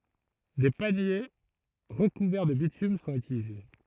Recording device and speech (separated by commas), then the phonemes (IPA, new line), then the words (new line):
throat microphone, read sentence
de panje ʁəkuvɛʁ də bitym sɔ̃t ytilize
Des paniers recouverts de bitume sont utilisés.